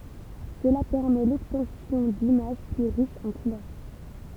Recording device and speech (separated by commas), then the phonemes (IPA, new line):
temple vibration pickup, read sentence
səla pɛʁmɛ lɔbtɑ̃sjɔ̃ dimaʒ ply ʁiʃz ɑ̃ kulœʁ